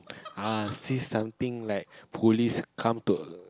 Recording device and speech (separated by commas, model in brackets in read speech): close-talking microphone, conversation in the same room